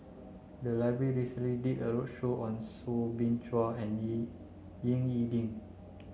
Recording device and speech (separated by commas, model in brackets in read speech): mobile phone (Samsung C9), read sentence